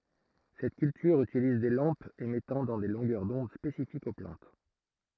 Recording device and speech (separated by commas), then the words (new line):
throat microphone, read sentence
Cette culture utilise des lampes émettant dans des longueurs d'onde spécifiques aux plantes.